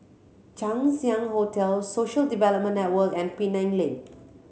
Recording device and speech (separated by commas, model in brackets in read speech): mobile phone (Samsung C7100), read sentence